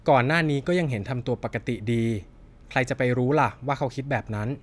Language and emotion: Thai, neutral